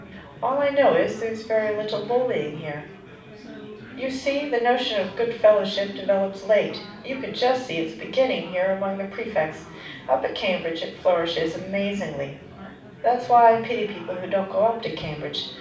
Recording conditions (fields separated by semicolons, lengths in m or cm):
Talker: one person; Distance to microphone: 5.8 m; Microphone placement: far; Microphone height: 1.8 m; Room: medium-sized (5.7 m by 4.0 m); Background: babble